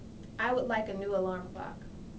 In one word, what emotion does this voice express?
neutral